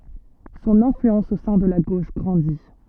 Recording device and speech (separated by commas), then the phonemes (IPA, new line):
soft in-ear microphone, read sentence
sɔ̃n ɛ̃flyɑ̃s o sɛ̃ də la ɡoʃ ɡʁɑ̃di